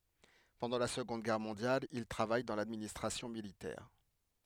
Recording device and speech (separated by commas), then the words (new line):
headset microphone, read sentence
Pendant la Seconde Guerre mondiale, il travaille dans l'administration militaire.